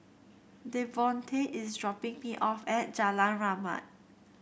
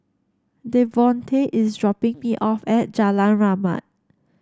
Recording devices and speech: boundary microphone (BM630), standing microphone (AKG C214), read sentence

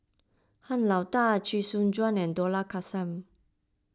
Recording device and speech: close-talking microphone (WH20), read sentence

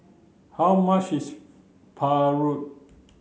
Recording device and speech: mobile phone (Samsung C9), read sentence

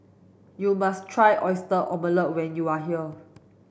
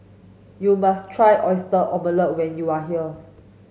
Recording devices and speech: boundary microphone (BM630), mobile phone (Samsung S8), read sentence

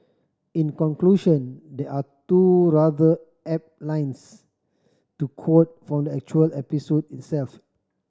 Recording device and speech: standing microphone (AKG C214), read sentence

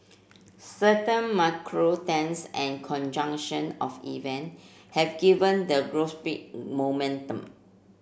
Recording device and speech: boundary microphone (BM630), read sentence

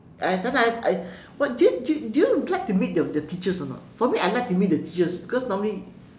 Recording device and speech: standing microphone, conversation in separate rooms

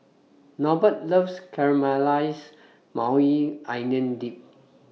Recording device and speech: mobile phone (iPhone 6), read sentence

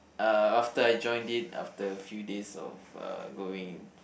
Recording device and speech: boundary microphone, conversation in the same room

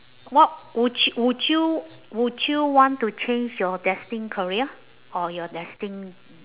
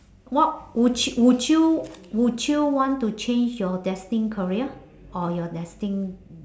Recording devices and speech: telephone, standing microphone, conversation in separate rooms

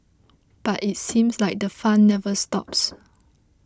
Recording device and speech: close-talking microphone (WH20), read sentence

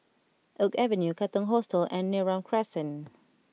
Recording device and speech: mobile phone (iPhone 6), read sentence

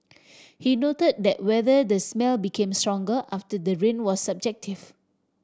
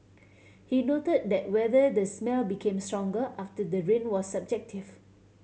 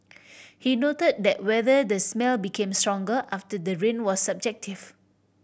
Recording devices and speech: standing microphone (AKG C214), mobile phone (Samsung C7100), boundary microphone (BM630), read sentence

